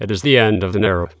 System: TTS, waveform concatenation